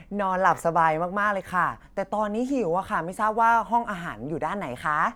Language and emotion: Thai, happy